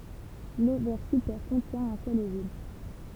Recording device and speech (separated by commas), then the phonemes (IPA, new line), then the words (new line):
temple vibration pickup, read sentence
lovɛʁ sypɛʁ kɔ̃tjɛ̃ œ̃ sœl ovyl
L'ovaire supère contient un seul ovule.